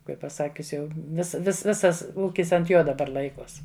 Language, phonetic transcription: Lithuanian, ˈkaip paˈsakius ˈjau vis vis ˈvisas ˈūkis ant ˈjo daˈbar ˈlaikos

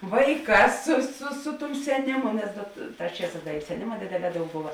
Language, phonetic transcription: Lithuanian, ˈvaiˌkās su su ˈsu ˌtum seˈnimu nes da t ˈtās ˈčieˌsās ˈda i seˈnima ˈdėdėˌlē ˈdaug ˈbuva

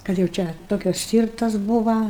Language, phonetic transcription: Lithuanian, kad jau ˈčia ˈtokias ˈstyrtas ˈbūva

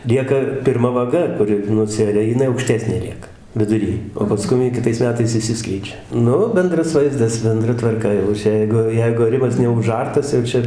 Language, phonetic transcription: Lithuanian, ˈlieka pirˈma vaˈga ˈkuri nuˈsiaria jiˈnai aukˈštesnė ˈlieka viduˈry o paˈskum ji kiˈtais meˈtais išˈsiskleidžia ˈnu ˈbendras ˈvaizdas benˈdra tvarˈka jau ˈčia ˈjeigu ˈjeigu aˈrimas neuˈžartas jau ˈčia

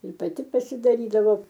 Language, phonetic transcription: Lithuanian, ir paˈti pasidaˈrydavo

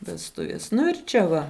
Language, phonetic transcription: Lithuanian, vesˈtuvies ˈnu ir ˈčia ˈva

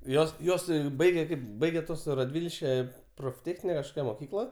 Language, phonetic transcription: Lithuanian, ˈjos ˈjuos ˈbaige ˈkaip ˈbaige ˈtuos raˈdvilške profˈtėchnine kažˈkokia moˈkykla

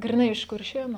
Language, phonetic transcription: Lithuanian, griˈnai iš kurˈšėnu

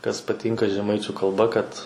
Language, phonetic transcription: Lithuanian, kas paˈtynka žeˈmaičiu kalˈba kad

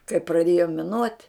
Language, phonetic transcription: Lithuanian, kai praˈdėjo miˈnuot'

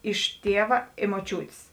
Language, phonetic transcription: Lithuanian, iš ˈtieva i ˈmoˈčiūtės

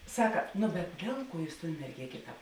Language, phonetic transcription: Lithuanian, ˈsaka nu bet ˈdėl ˌkuo ˈjūs ton merˈgėkė ˈtāp

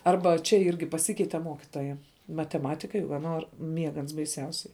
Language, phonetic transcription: Lithuanian, ˈarba čia ˈirgi paˈsikeite ˈmuokitoja mateˈmatikai va ˈnor ˈmiega ans baiˈsiausiai

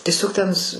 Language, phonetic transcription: Lithuanian, tieˈsiog ten s

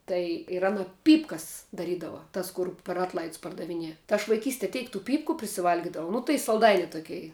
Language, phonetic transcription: Lithuanian, ˈtai ir ˈana ˈpypkas daˈrydava ˈtas kur per ˈatlaids pardaviˈnie tai aš vaiˈkystie ˈteik tų ˈpypku prisiˈvalgidavau ˈnu tai salˈdaini ˈtukei

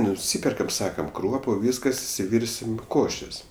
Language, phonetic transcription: Lithuanian, nuˈsyperkam ˈsakam ˈkruopu ˈvyskas išsiˈvirsim ˈkošės

